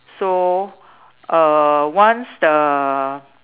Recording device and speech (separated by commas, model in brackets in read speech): telephone, conversation in separate rooms